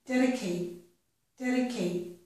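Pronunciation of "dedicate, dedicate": In 'dedicate', the t at the end of the word is not fully released.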